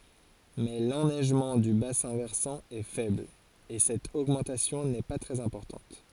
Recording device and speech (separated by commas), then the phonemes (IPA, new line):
forehead accelerometer, read sentence
mɛ lɛnɛʒmɑ̃ dy basɛ̃ vɛʁsɑ̃ ɛ fɛbl e sɛt oɡmɑ̃tasjɔ̃ nɛ pa tʁɛz ɛ̃pɔʁtɑ̃t